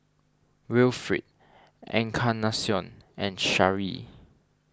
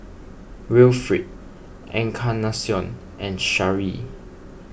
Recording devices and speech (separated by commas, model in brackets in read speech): standing microphone (AKG C214), boundary microphone (BM630), read sentence